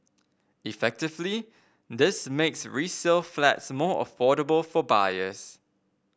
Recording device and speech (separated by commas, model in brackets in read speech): boundary microphone (BM630), read sentence